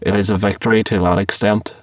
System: VC, spectral filtering